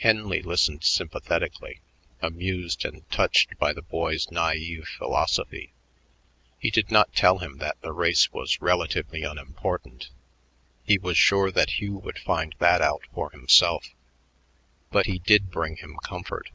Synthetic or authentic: authentic